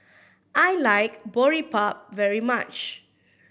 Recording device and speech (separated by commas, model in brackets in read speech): boundary microphone (BM630), read sentence